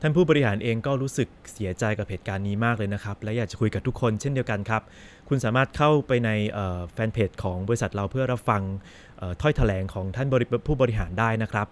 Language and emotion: Thai, neutral